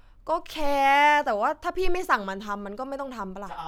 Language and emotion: Thai, frustrated